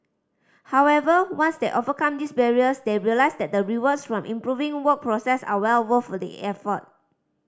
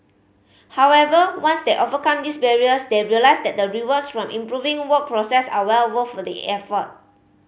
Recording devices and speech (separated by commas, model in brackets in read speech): standing microphone (AKG C214), mobile phone (Samsung C5010), read sentence